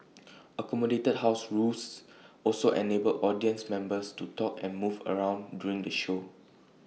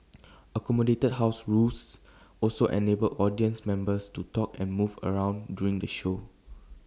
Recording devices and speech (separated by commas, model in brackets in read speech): mobile phone (iPhone 6), standing microphone (AKG C214), read sentence